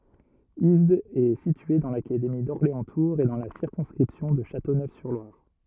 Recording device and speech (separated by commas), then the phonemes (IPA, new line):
rigid in-ear microphone, read sentence
izdz ɛ sitye dɑ̃ lakademi dɔʁleɑ̃stuʁz e dɑ̃ la siʁkɔ̃skʁipsjɔ̃ də ʃatonøfsyʁlwaʁ